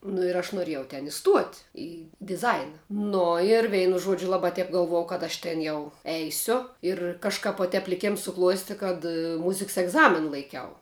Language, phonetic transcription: Lithuanian, nu ir ˈaš nuˈrėjau ten iˈstuot' i diˈzaina ˈno ir ˈveinu ˈžuodžiu ˈlaba ˈtep galˈvuojau kad ˈaš ˈten jau ˈeisiu ir kažˈkap vo ˈtep liˈkėms suˈkluosti kad ˈmuziks egˈzamina laiˈkiau

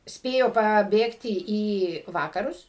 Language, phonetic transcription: Lithuanian, ˈspėjo paˈbėgti į ˈvakarus

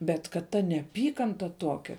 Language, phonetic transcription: Lithuanian, ˈbet kad ˈta neaˈpykanta ˈtokia

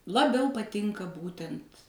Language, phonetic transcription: Lithuanian, laˈbiau paˈtinka ˈbūtent

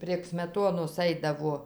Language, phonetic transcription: Lithuanian, prieg smeˈtonos ˈaidavo

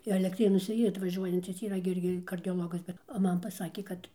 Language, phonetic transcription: Lithuanian, elekˈtrėnuose ˈyr atvaˈžiuojancis yˈra gi ˈirgi kardioˈlogas ˈbet o ˈman paˈsakė ˈkad

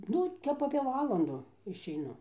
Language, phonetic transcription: Lithuanian, ˈnu ˈtep apė ˈvalandu išeiˈnu

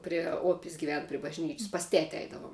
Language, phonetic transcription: Lithuanian, prie ˈopis giˈven pri bažˈnyč's' pas ˈteti ˈaidavom

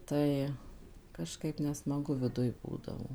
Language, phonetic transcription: Lithuanian, ˈtai kažˈkaip nesmaˈgu viˈduj ˈbūdavo

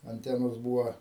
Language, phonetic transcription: Lithuanian, anˈtenos ˈbūva

